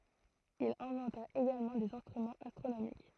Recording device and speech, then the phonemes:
throat microphone, read sentence
il ɛ̃vɑ̃ta eɡalmɑ̃ dez ɛ̃stʁymɑ̃z astʁonomik

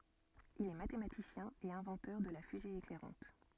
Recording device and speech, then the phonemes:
soft in-ear microphone, read sentence
il ɛ matematisjɛ̃ e ɛ̃vɑ̃tœʁ də la fyze eklɛʁɑ̃t

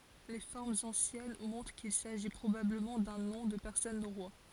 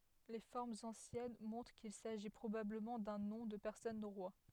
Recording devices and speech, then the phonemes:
forehead accelerometer, headset microphone, read sentence
le fɔʁmz ɑ̃sjɛn mɔ̃tʁ kil saʒi pʁobabləmɑ̃ dœ̃ nɔ̃ də pɛʁsɔn noʁwa

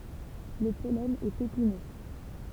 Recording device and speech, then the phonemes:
temple vibration pickup, read sentence
lə pɔlɛn ɛt epinø

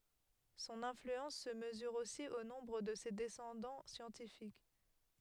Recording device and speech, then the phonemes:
headset microphone, read sentence
sɔ̃n ɛ̃flyɑ̃s sə məzyʁ osi o nɔ̃bʁ də se dɛsɑ̃dɑ̃ sjɑ̃tifik

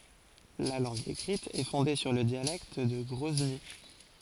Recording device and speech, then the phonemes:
forehead accelerometer, read sentence
la lɑ̃ɡ ekʁit ɛ fɔ̃de syʁ lə djalɛkt də ɡʁɔzni

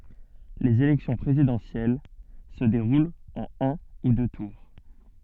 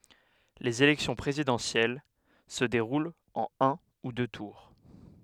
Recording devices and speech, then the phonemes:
soft in-ear microphone, headset microphone, read sentence
lez elɛksjɔ̃ pʁezidɑ̃sjɛl sə deʁult ɑ̃n œ̃ u dø tuʁ

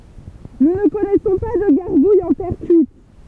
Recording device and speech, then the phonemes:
temple vibration pickup, read sentence
nu nə kɔnɛsɔ̃ pa də ɡaʁɡujz ɑ̃ tɛʁ kyit

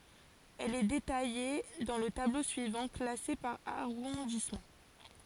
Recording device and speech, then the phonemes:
forehead accelerometer, read sentence
ɛl ɛ detaje dɑ̃ lə tablo syivɑ̃ klase paʁ aʁɔ̃dismɑ̃

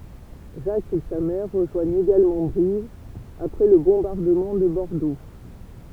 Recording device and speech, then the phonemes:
temple vibration pickup, read sentence
ʒak e sa mɛʁ ʁəʒwaɲt eɡalmɑ̃ bʁiv apʁɛ lə bɔ̃baʁdəmɑ̃ də bɔʁdo

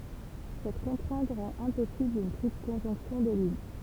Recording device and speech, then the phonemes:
temple vibration pickup, read sentence
sɛt kɔ̃tʁɛ̃t ʁɑ̃t ɛ̃pɔsibl yn tʁipl kɔ̃ʒɔ̃ksjɔ̃ de lyn

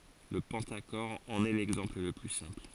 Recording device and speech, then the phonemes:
forehead accelerometer, read sentence
lə pɑ̃taʃɔʁ ɑ̃n ɛ lɛɡzɑ̃pl lə ply sɛ̃pl

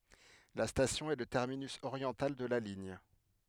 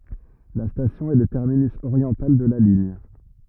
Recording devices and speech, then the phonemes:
headset microphone, rigid in-ear microphone, read sentence
la stasjɔ̃ ɛ lə tɛʁminys oʁjɑ̃tal də la liɲ

